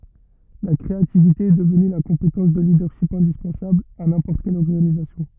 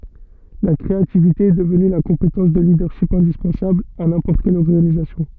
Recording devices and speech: rigid in-ear microphone, soft in-ear microphone, read sentence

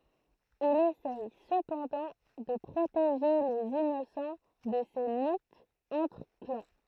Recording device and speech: throat microphone, read sentence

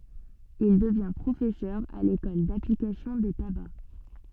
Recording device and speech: soft in-ear microphone, read sentence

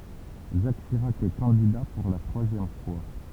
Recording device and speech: temple vibration pickup, read sentence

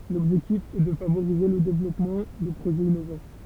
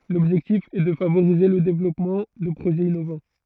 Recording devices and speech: temple vibration pickup, throat microphone, read sentence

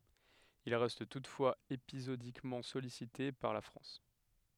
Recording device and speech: headset microphone, read sentence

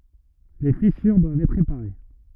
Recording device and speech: rigid in-ear microphone, read sentence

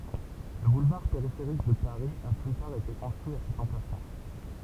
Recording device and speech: temple vibration pickup, read sentence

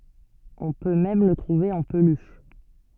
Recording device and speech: soft in-ear microphone, read sentence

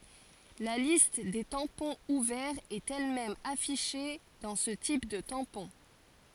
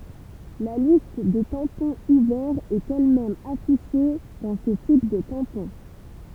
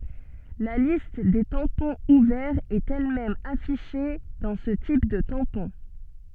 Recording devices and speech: forehead accelerometer, temple vibration pickup, soft in-ear microphone, read sentence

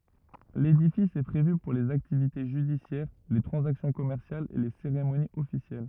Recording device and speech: rigid in-ear microphone, read sentence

